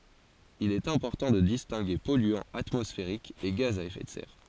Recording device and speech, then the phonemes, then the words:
forehead accelerometer, read sentence
il ɛt ɛ̃pɔʁtɑ̃ də distɛ̃ɡe pɔlyɑ̃z atmɔsfeʁikz e ɡaz a efɛ də sɛʁ
Il est important de distinguer polluants atmosphériques et gaz à effet de serre.

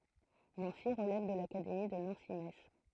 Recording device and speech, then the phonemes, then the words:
throat microphone, read sentence
nɑ̃si ʁəlɛv də lakademi də nɑ̃si mɛts
Nancy relève de l'académie de Nancy-Metz.

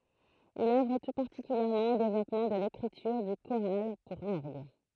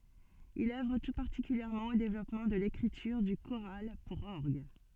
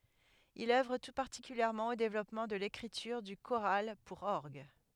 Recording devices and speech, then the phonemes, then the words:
throat microphone, soft in-ear microphone, headset microphone, read sentence
il œvʁ tu paʁtikyljɛʁmɑ̃ o devlɔpmɑ̃ də lekʁityʁ dy koʁal puʁ ɔʁɡ
Il œuvre tout particulièrement au développement de l'écriture du choral pour orgue.

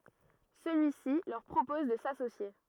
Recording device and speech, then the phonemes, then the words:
rigid in-ear microphone, read sentence
səlyisi lœʁ pʁopɔz də sasosje
Celui-ci leur propose de s'associer.

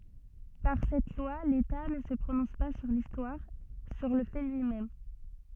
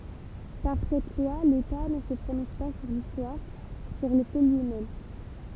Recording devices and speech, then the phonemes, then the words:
soft in-ear microphone, temple vibration pickup, read sentence
paʁ sɛt lwa leta nə sə pʁonɔ̃s pa syʁ listwaʁ syʁ lə fɛ lyi mɛm
Par cette loi, l’État ne se prononce pas sur l’histoire, sur le fait lui-même.

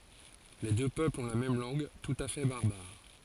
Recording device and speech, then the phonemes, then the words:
forehead accelerometer, read sentence
le dø pøplz ɔ̃ la mɛm lɑ̃ɡ tut a fɛ baʁbaʁ
Les deux peuples ont la même langue, tout à fait barbare.

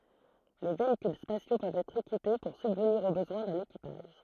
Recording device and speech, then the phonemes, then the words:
throat microphone, read sentence
le veikyl spasjo pøvt ɛtʁ ekipe puʁ sybvniʁ o bəzwɛ̃ dœ̃n ekipaʒ
Les véhicules spatiaux peuvent être équipés pour subvenir aux besoins d'un équipage.

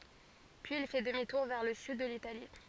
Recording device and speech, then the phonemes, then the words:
forehead accelerometer, read sentence
pyiz il fɛ dəmi tuʁ vɛʁ lə syd də litali
Puis il fait demi-tour vers le sud de l'Italie.

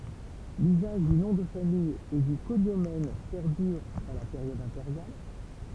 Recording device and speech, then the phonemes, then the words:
temple vibration pickup, read sentence
lyzaʒ dy nɔ̃ də famij e dy koɲomɛn pɛʁdyʁ dɑ̃ la peʁjɔd ɛ̃peʁjal
L’usage du nom de famille et du cognomen perdure dans la période impériale.

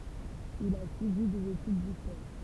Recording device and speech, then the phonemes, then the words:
temple vibration pickup, read sentence
il a syivi dez etyd distwaʁ
Il a suivi des études d'histoire.

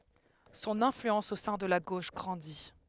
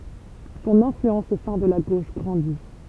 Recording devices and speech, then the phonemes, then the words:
headset microphone, temple vibration pickup, read sentence
sɔ̃n ɛ̃flyɑ̃s o sɛ̃ də la ɡoʃ ɡʁɑ̃di
Son influence au sein de la gauche grandit.

